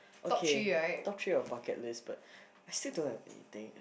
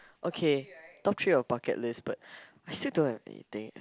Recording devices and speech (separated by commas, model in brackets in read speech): boundary microphone, close-talking microphone, conversation in the same room